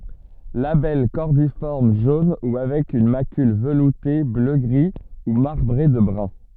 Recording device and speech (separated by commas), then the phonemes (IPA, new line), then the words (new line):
soft in-ear microphone, read sentence
labɛl kɔʁdifɔʁm ʒon u avɛk yn makyl vəlute bløɡʁi u maʁbʁe də bʁœ̃
Labelle cordiforme jaune ou avec une macule veloutée bleu-gris ou marbrée de brun.